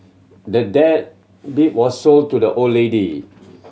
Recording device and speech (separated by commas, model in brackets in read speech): mobile phone (Samsung C7100), read sentence